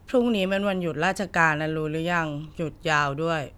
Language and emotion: Thai, neutral